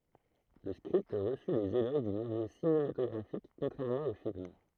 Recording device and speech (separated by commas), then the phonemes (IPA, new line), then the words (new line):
throat microphone, read sentence
lə skʁipt ʁəsy lez eloʒ dy miljø sinematɔɡʁafik kɔ̃tʁɛʁmɑ̃ o film
Le script reçut les éloges du milieu cinématographique, contrairement au film.